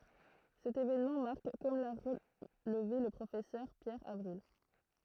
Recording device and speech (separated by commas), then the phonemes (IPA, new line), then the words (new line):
throat microphone, read sentence
sɛt evenmɑ̃ maʁk kɔm la ʁəlve lə pʁofɛsœʁ pjɛʁ avʁil
Cet événement marque comme l'a relevé le Professeur Pierre Avril.